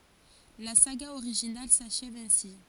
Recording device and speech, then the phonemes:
forehead accelerometer, read sentence
la saɡa oʁiʒinal saʃɛv ɛ̃si

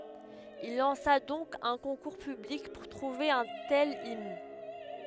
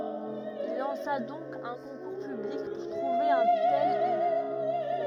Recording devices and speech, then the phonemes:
headset microphone, rigid in-ear microphone, read sentence
il lɑ̃sa dɔ̃k œ̃ kɔ̃kuʁ pyblik puʁ tʁuve œ̃ tɛl imn

